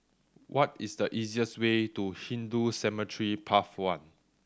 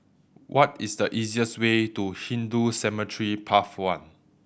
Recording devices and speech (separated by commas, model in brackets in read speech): standing microphone (AKG C214), boundary microphone (BM630), read sentence